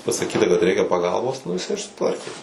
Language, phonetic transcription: Lithuanian, pasaˈkyta kad ˈreikia paˈgalbos ˈnu jiˈsai ir suˈtvarkė

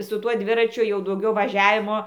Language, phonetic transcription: Lithuanian, su ˈtuo ˈdviračiu jau dauˈgiau vaˈžiavimo

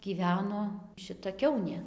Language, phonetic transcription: Lithuanian, gyˈveno šiˈta ˈkiaunė

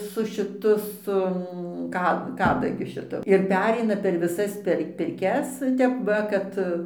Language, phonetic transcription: Lithuanian, su šiˈtu ˈsu ˈka ˈkadagiu šiˈtu ir ˈpereina per viˈsas per pirˈkias ˈtep va ˈkad

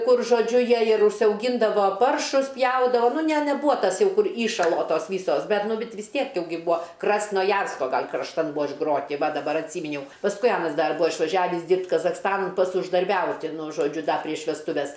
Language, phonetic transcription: Lithuanian, ˈkur žoˈdžiu ˈjie ir užsiauˈgyndavo ˈparšus ˈpjaudavo ˈnu ne neˈbūa ˈtas ˈjau ˈkur ˈįšalo ˈtos ˈvysos ˈbet ˈnu ˈbet vis ˈtiek ˈjau ˈgi ˈbuo krasnoˈjarsko ˈgal' krašˈtan ˈbuo išˈgroti ˈva daˈbar atˈsyminiau pasˈkui ˈanas ˈdar ˈbua išvaˈžiavis ˈdyrbt' kazachˈstanan ˈpats uždarˈbiauti ˈnu žoˈdžiu ˈda prieš vesˈtuves

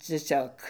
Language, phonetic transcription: Lithuanian, cieˈsiog

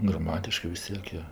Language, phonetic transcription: Lithuanian, graˈmatiškɜ vis ˈtiek jo

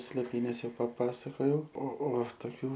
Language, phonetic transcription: Lithuanian, slėˈpynes ˈjau paˈpasakojau o o toˈkių

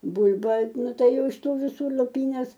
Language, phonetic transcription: Lithuanian, ˈbul'ba ˈnu ˈtai ˈjau iš ˈtų viˈsų luˈpynes

